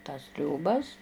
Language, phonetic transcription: Lithuanian, tas trioˈbas

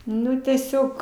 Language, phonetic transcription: Lithuanian, ˈnu teˈsiog

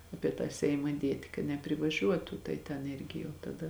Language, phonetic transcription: Lithuanian, ˈapie tą seima ˈdieti ka neprivaˈžiuotu tai ten ˈirgi jau taˈda

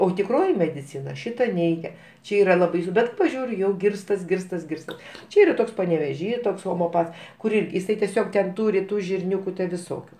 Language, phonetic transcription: Lithuanian, o tikˈroji mediˈcina ˈšita ˈneigia ˈčia ˈyra la ˈbaisu ˈbet paˈžiūriu ˈjau ˈgirstas ˈgirstas ˈgirstas ˈčia ˈyra ˈtoks paneveˈžy ˈtoks homeoˈpats kur ˈirg' jiˈsai teˈsiog ten ˈtūri ˈtų žirˈniūku viˈsokiu

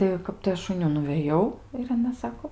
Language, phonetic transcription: Lithuanian, tai ˈkap tai ˈaš un ˈjų nuvėˈjau ir aˈna ˈsako

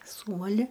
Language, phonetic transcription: Lithuanian, ˈsūmali

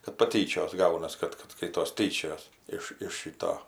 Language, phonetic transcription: Lithuanian, kad paˈtyčios ˈgaunas ˈkad ˈkad ˈskaitos ˈtyčiojas ˈiš iš ˈšyto

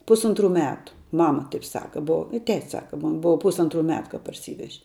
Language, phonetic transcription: Lithuanian, ˈpusuntˌru ˈmetu ˈmama ˈtaip ˈsaka ˈbova i ˈtetis ˈsaka man ˈbova ˈpusantˌru ˈmetu kap parˈsyveže

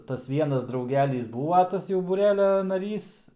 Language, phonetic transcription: Lithuanian, tas ˈvienas drauˈgelys ˈbūva ˈtas jau būˈrelia naˈrys

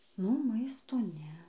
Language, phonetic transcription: Lithuanian, nu ˈmaisto ˈne

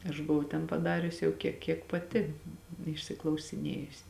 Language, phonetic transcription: Lithuanian, aš buˈvau ten paˈdarius jau kie ˈkiek paˈti išsiklausiˈnėjusi

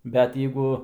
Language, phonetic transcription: Lithuanian, bet ˈjeigu

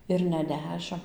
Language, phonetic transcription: Lithuanian, ir ne ˈdešim

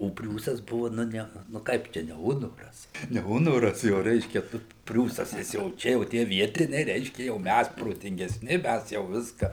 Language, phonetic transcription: Lithuanian, o ˈpriūsas ˈbuva ˈnu ˈne nu ˈkaip ˈčia ne ˈunoras ne ˈunoras jau ˈreiškia ˈtu priūsas nes jau ˈčia o ˈtie ˈvietiniai ˈreiškia ˈjau ˈmæs protingesˈni ˈmæs jau ˈviska

